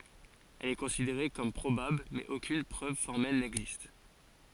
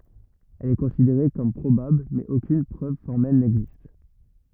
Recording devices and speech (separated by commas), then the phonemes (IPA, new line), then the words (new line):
forehead accelerometer, rigid in-ear microphone, read sentence
ɛl ɛ kɔ̃sideʁe kɔm pʁobabl mɛz okyn pʁøv fɔʁmɛl nɛɡzist
Elle est considérée comme probable, mais aucune preuve formelle n'existe.